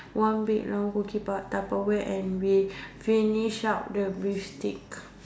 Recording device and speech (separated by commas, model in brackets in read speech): standing microphone, conversation in separate rooms